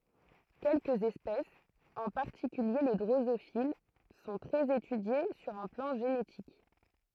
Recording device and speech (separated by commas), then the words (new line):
throat microphone, read sentence
Quelques espèces, en particulier les drosophiles, sont très étudiées sur un plan génétique.